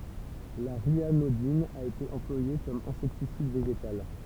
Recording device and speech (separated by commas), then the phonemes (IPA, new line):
temple vibration pickup, read sentence
la ʁjanodin a ete ɑ̃plwaje kɔm ɛ̃sɛktisid veʒetal